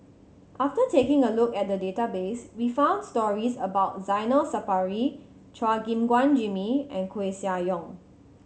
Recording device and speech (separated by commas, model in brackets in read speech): mobile phone (Samsung C7100), read sentence